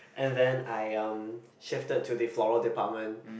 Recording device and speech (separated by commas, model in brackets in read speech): boundary microphone, conversation in the same room